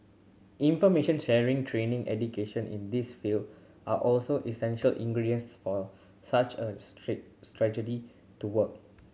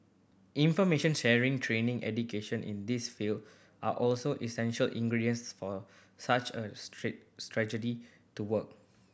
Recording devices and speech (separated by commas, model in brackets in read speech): mobile phone (Samsung C7100), boundary microphone (BM630), read sentence